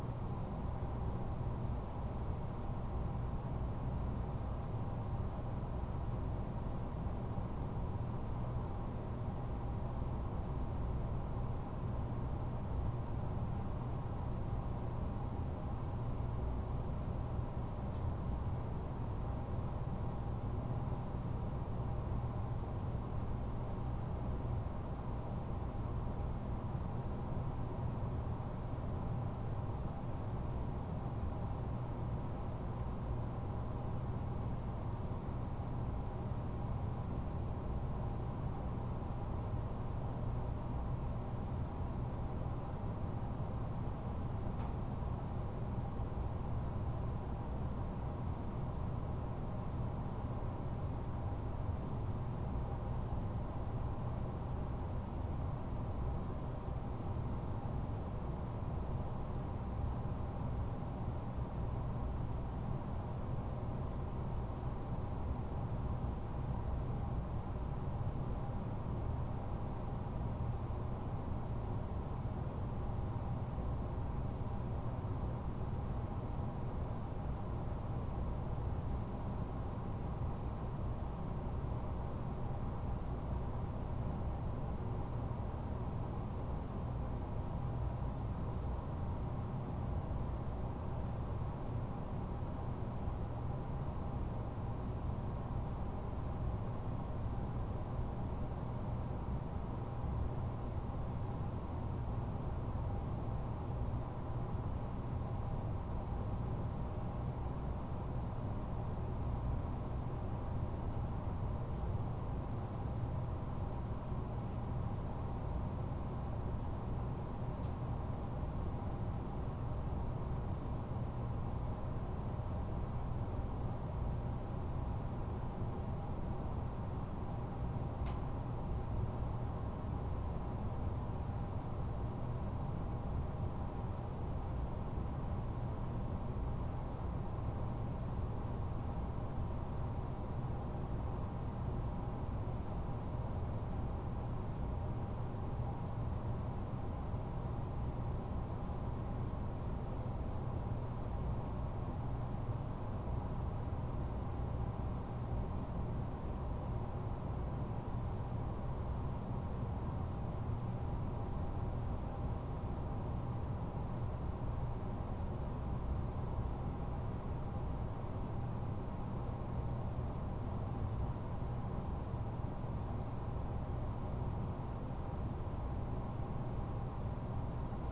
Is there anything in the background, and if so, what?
Nothing.